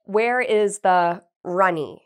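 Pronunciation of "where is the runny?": The last word is 'runny'.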